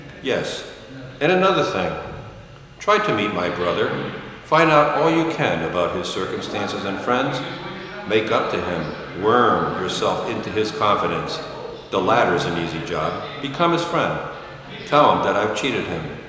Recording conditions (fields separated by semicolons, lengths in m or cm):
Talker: one person; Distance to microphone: 1.7 m; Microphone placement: close; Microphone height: 1.0 m; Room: very reverberant, large; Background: television